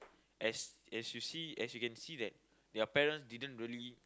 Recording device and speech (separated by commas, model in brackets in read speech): close-talking microphone, conversation in the same room